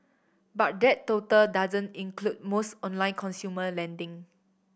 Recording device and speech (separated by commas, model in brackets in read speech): boundary microphone (BM630), read sentence